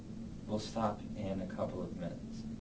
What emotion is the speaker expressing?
neutral